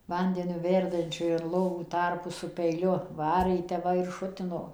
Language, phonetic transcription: Lithuanian, ˈvandeniu ˈverdančiu in ˈlovų ˈtarpus su peiˈliu ˈvarė ji tep ˈva ir ˈšutino

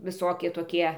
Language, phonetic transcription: Lithuanian, viˈsokie toˈkie

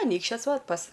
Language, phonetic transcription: Lithuanian, aˈnykščios ˈvat pas

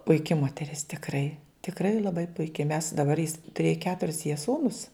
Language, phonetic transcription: Lithuanian, puiˈki moteˈris tikˈrai tikˈrai laˈbai puiˈki mes daˈbar jis tuˈrėja ˈketuris jie ˈsūnus

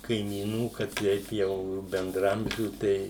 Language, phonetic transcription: Lithuanian, kaimyˈnų ka ˈteip jau bendraˈamžių ˈtei

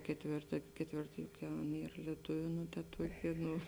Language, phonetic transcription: Lithuanian, ketˈvėrta ketˈvėrta juk ˈjau ˈan ˈyr lieˈtuviu ˈnu ta ˈtuokė ˈnu

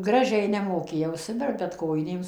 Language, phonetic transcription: Lithuanian, ˈgražiai nemoˈkėjau suˈverpt bet ˈkojinėm

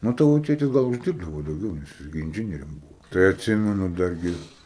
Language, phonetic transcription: Lithuanian, nu ˈtavo ˈtėtis ˈgal užˈdyrbdavo dauˈgiau nes ˈgi inˈdžinierium ˈbūvo tai atˈsimenu ˈdar gi

